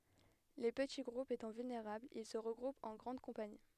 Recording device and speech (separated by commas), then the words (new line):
headset microphone, read sentence
Les petits groupes étant vulnérables, ils se regroupent en grandes compagnies.